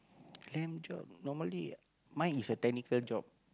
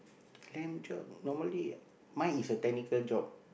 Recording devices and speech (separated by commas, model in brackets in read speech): close-talking microphone, boundary microphone, conversation in the same room